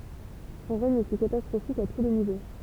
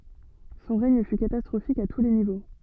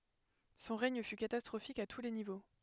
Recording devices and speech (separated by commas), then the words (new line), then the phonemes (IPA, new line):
temple vibration pickup, soft in-ear microphone, headset microphone, read sentence
Son règne fut catastrophique à tous les niveaux.
sɔ̃ ʁɛɲ fy katastʁofik a tu le nivo